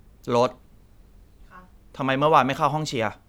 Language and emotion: Thai, angry